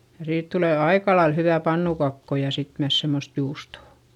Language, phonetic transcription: Finnish, ja siit tulè aikalail hyvä̀ pannukakko ja sit myäs semmost juustò .
- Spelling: ja siitä tulee aika lailla hyvää pannukakkua ja sitten myös semmoista juustoa

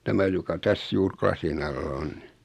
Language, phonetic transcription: Finnish, 'tämä joka 'täs 'juur "klasin alla 'on ni .
- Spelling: tämä joka tässä juuri lasin alla on niin

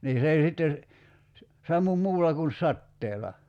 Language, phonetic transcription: Finnish, 'nii 's ‿ei sitte , 'sammum 'muulla kun "satteela .
- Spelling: niin se ei sitten sammu muulla kun sateella

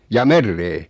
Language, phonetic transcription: Finnish, 'jaa "merree ?
- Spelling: jaa mereen

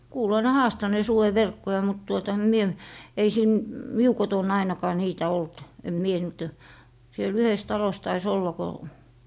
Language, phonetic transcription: Finnish, 'kuuloi ne "haastanee » 'suwe'verkkoja » mut tuota , em 'mie , ei siin , "miu 'koton 'ainakaa 'niitä 'olt , em 'mie niit ‿o , 'siel 'yhes 'talos tai's ‿olla ko ,.
- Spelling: kuului ne haastaneen sudenverkkoja mutta tuota en minä ei siinä minun kotona ainakaan niitä ollut en minä niitä ole siellä yhdessä talossa taisi olla kun

